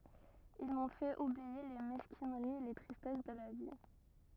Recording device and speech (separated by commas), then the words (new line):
rigid in-ear microphone, read sentence
Ils m'ont fait oublier les mesquineries et les tristesses de la vie.